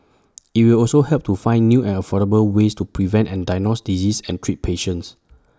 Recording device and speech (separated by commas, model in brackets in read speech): standing microphone (AKG C214), read sentence